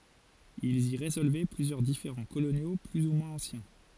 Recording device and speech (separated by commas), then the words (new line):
forehead accelerometer, read sentence
Ils y résolvaient plusieurs différends coloniaux plus ou moins anciens.